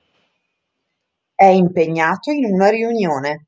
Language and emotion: Italian, neutral